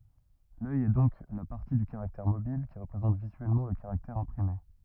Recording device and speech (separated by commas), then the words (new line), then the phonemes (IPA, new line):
rigid in-ear microphone, read sentence
L’œil est donc la partie du caractère mobile qui représente visuellement le caractère imprimé.
lœj ɛ dɔ̃k la paʁti dy kaʁaktɛʁ mobil ki ʁəpʁezɑ̃t vizyɛlmɑ̃ lə kaʁaktɛʁ ɛ̃pʁime